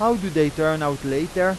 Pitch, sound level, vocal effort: 155 Hz, 93 dB SPL, loud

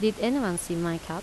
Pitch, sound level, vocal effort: 175 Hz, 83 dB SPL, normal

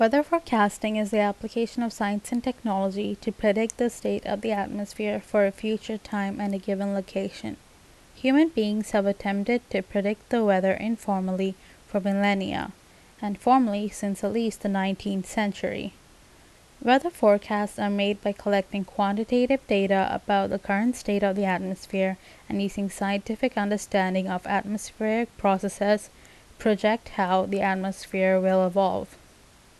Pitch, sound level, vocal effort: 205 Hz, 80 dB SPL, normal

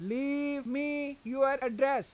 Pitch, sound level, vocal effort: 275 Hz, 95 dB SPL, very loud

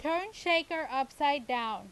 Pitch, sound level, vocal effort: 295 Hz, 94 dB SPL, very loud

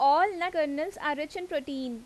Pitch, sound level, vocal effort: 300 Hz, 92 dB SPL, loud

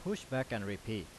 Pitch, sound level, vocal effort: 115 Hz, 86 dB SPL, loud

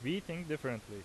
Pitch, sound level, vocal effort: 155 Hz, 87 dB SPL, very loud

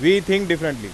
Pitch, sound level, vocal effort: 170 Hz, 97 dB SPL, very loud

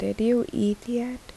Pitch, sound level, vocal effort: 235 Hz, 74 dB SPL, soft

